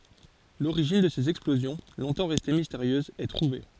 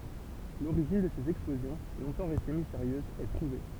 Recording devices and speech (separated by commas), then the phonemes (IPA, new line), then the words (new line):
forehead accelerometer, temple vibration pickup, read sentence
loʁiʒin də sez ɛksplozjɔ̃ lɔ̃tɑ̃ ʁɛste misteʁjøzz ɛ tʁuve
L'origine de ces explosions, longtemps restées mystérieuses, est trouvée.